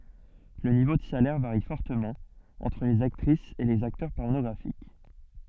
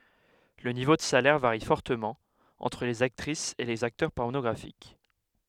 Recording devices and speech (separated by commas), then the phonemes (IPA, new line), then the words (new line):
soft in-ear microphone, headset microphone, read sentence
lə nivo də salɛʁ vaʁi fɔʁtəmɑ̃ ɑ̃tʁ lez aktʁisz e lez aktœʁ pɔʁnɔɡʁafik
Le niveau de salaire varie fortement entre les actrices et les acteurs pornographiques.